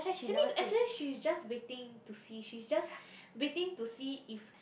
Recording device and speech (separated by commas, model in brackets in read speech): boundary microphone, conversation in the same room